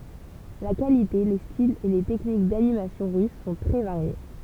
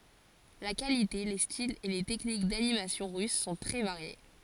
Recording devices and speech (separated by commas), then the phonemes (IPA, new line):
temple vibration pickup, forehead accelerometer, read sentence
la kalite le stilz e le tɛknik danimasjɔ̃ ʁys sɔ̃ tʁɛ vaʁje